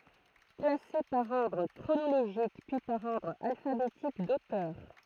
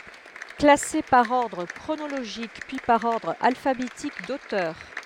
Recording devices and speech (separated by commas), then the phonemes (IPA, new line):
throat microphone, headset microphone, read sentence
klase paʁ ɔʁdʁ kʁonoloʒik pyi paʁ ɔʁdʁ alfabetik dotœʁ